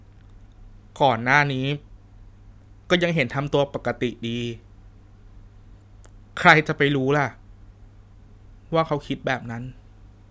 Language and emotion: Thai, sad